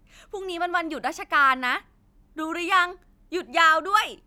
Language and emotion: Thai, happy